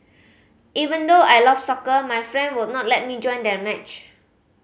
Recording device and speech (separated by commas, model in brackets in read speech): mobile phone (Samsung C5010), read sentence